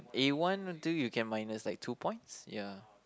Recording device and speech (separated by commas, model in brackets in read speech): close-talking microphone, conversation in the same room